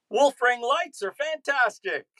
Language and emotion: English, surprised